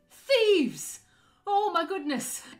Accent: light Irish accent